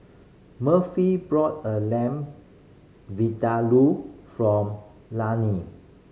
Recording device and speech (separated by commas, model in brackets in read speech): mobile phone (Samsung C5010), read sentence